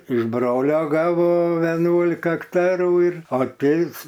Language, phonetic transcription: Lithuanian, iš ˈbrolio ˈgavo veˈnuolika akˈtarų ir o ˈtėvs

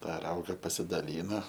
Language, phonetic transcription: Lithuanian, ˈtą ˈrauga pasidaˈlyna

